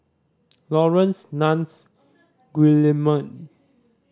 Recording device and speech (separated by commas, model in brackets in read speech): standing microphone (AKG C214), read sentence